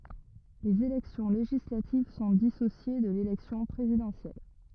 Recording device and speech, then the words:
rigid in-ear microphone, read sentence
Les élections législatives sont dissociées de l'élection présidentielle.

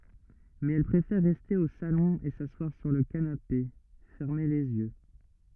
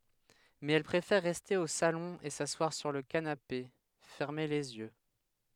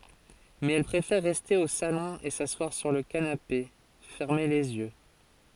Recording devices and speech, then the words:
rigid in-ear microphone, headset microphone, forehead accelerometer, read sentence
Mais elle préfère rester au salon et s'asseoir sur le canapé, fermer les yeux.

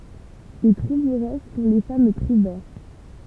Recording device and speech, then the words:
temple vibration pickup, read sentence
Les trouveresses sont les femmes trouvères.

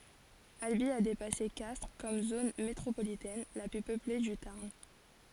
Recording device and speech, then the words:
forehead accelerometer, read sentence
Albi a dépassé Castres comme zone métropolitaine la plus peuplée du Tarn.

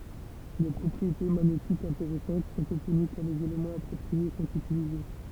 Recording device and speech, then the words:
temple vibration pickup, read sentence
Des propriétés magnétiques intéressantes sont obtenues quand les éléments appropriés sont utilisés.

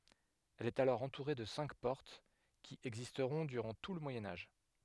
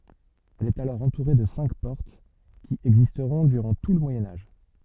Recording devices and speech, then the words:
headset microphone, soft in-ear microphone, read sentence
Elle est alors entourée de cinq portes, qui existeront durant tout le Moyen Âge.

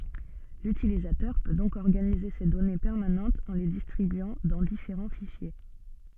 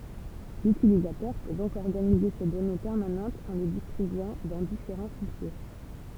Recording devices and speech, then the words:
soft in-ear microphone, temple vibration pickup, read sentence
L'utilisateur peut donc organiser ses données permanentes en les distribuant dans différents fichiers.

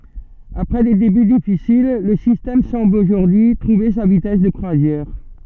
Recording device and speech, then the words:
soft in-ear microphone, read sentence
Après des débuts difficiles, le système semble aujourd'hui trouver sa vitesse de croisière.

